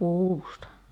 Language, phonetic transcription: Finnish, 'puusta .
- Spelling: puusta

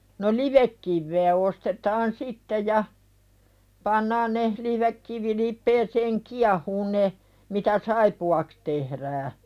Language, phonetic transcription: Finnish, no "livekkiv̆vee ostetaan 'sitte ja , 'pannaan ne , 'livekkivilip̆peeseeŋ "kiahuun ne , mitä "saipu₍aks tehðää .
- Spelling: no livekiveä ostetaan sitten ja pannaan ne livekivilipeään kiehumaan ne mitä saippuaksi tehdään

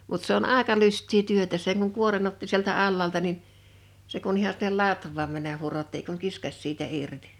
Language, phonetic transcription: Finnish, mut se ‿on "àeka 'lyst̆tii 'työtä seŋ kuŋ 'kuoren ‿otti sieltä 'allaalta nin , se kun ‿iha sinnel "latv̆vaam männäh̆ 'hurotti ei kuŋ "kiskaś siitä 'irtɪ .
- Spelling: mutta se on aika lystiä työtä sen kun kuoren otti sieltä alhaalta niin se kun ihan sinne latvaan mennä hurotti ei kuin kiskaisi siitä irti

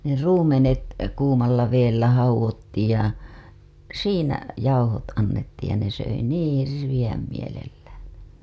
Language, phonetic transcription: Finnish, ne 'ruumenet , kuumalla veellä hauw̆wottiij ja , 'siinä , jauhot annettiij ja ne söi 'niiḭ 'hirviʲäm mielelläää̰ , (et)tä .
- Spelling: ne ruumenet kuumalla vedellä haudottiin ja siinä jauhot annettiin ja ne söi niin hirveän mielellään että

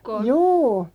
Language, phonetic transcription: Finnish, jû .
- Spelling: juu

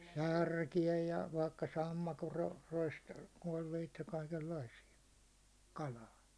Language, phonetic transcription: Finnish, 'särkijä ja , vaikka 'sammakor ro- rois- , koiveit ja kaikellaisija , 'kalaa .
- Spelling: särkiä ja vaikka sammakon - - koipia ja kaikenlaisia kalaa

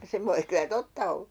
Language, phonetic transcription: Finnish, 'se voi kylä "totta ollA .
- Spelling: se voi kyllä totta olla

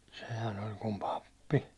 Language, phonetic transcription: Finnish, sehän oĺ kum 'pappi .
- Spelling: sehän oli kuin pappi

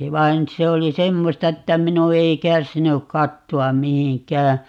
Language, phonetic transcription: Finnish, 'vain 'se oli "semmosta että 'minu 'ei 'kärsinyk "katto₍am 'mihiŋ"k̀ää .
- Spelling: vaan se oli semmoista että minun ei kärsinyt katsoa mihinkään

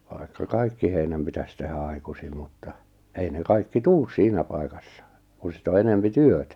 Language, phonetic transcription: Finnish, vai̬kka 'kaikki heinäm pitäs tehä 'ai̬kusim mutta , 'ei ne 'kaikki "tuus 'siinä pai̬kassa , kun̬ 'sit ‿o 'enempi "työtä .
- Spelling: vaikka kaikki heinät pitäisi tehdä aikaisin mutta ei ne kaikki tule siinä paikassa kun sitten on enempi työtä

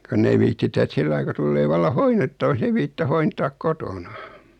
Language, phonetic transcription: Finnish, 'konn ‿ei 'viittitä et 'sillai ku 'tullee valla 'hoinnettavak's ‿ei viittitä 'hointaak "kotona .
- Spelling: kun ei viitsitä että sillä lailla kun tulee vallan hoidettavaksi ei viitsitä hoitaa kotona

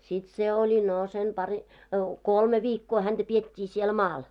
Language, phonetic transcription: Finnish, sit se ‿oĺi no sen pari- , "kolme 'viikkoo hänᴅä 'piet́t́ii siel "maal .
- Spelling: sitten se oli no sen - kolme viikkoa häntä pidettiin siellä maalla

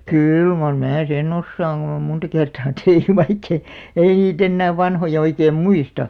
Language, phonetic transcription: Finnish, kyl mar 'mää 'sen'ⁿ ‿ossaaŋ kun ‿om 'munta kertaa 'teh(ny) vaikkei , "ei 'niit ‿ennää 'vanhoja oikeem "muista .
- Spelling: kyllä mar minä sen osaan kun on monta kertaa tehnyt vaikka ei ei niitä enää vanhoja oikein muista

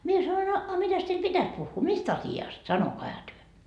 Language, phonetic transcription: Finnish, mie sa₍oin » a , a 'mitäs teil "pitäs puhhuu , 'mis't ‿asi₍ast , 'sanokaiha työ ? »
- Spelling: minä sanoin a a mitäs teille pitäisi puhua mistä asiasta sanokaahan te

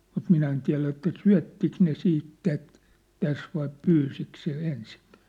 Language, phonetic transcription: Finnish, mut 'minä en tiä̭lä että "syä̭ttik ne "siit "tät , "täs vai "pyysik se , 'ensiŋkᴀ̈̀ .
- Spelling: mutta minä en tiedä että syöttikö ne sitten tätä tässä vai pyysikö se ensinkään

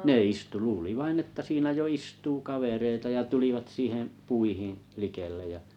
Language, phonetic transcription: Finnish, 'ne 'istu 'luuli vainn ‿että siinä 'jo "istuu 'kavereita ja 'tulivat 'siiheḛ , 'puihiḭ , 'likellej ja ,.
- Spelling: ne istui luuli vain että siinä jo istuu kavereita ja tulivat siihen puihin likelle ja

